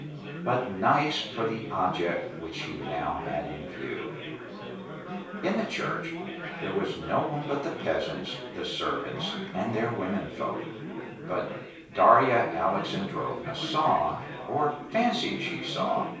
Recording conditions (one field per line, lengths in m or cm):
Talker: one person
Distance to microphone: 3.0 m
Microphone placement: far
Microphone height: 1.8 m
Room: small (3.7 m by 2.7 m)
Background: babble